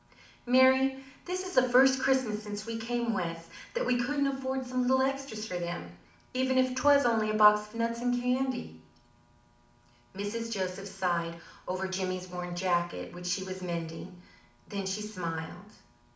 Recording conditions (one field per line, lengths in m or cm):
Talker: one person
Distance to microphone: 2.0 m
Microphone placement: close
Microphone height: 99 cm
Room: medium-sized (5.7 m by 4.0 m)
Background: none